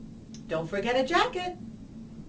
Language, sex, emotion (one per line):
English
female
happy